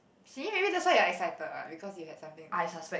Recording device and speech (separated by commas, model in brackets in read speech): boundary microphone, conversation in the same room